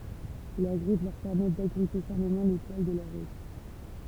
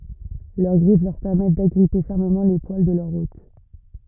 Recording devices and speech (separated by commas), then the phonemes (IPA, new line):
temple vibration pickup, rigid in-ear microphone, read sentence
lœʁ ɡʁif lœʁ pɛʁmɛt daɡʁipe fɛʁməmɑ̃ le pwal də lœʁ ot